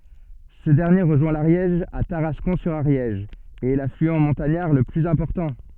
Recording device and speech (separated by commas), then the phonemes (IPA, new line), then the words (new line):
soft in-ear microphone, read sentence
sə dɛʁnje ʁəʒwɛ̃ laʁjɛʒ a taʁaskɔ̃ syʁ aʁjɛʒ e ɛ laflyɑ̃ mɔ̃taɲaʁ lə plyz ɛ̃pɔʁtɑ̃
Ce dernier rejoint l'Ariège à Tarascon-sur-Ariège et est l'affluent montagnard le plus important.